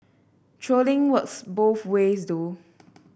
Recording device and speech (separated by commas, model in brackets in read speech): boundary microphone (BM630), read sentence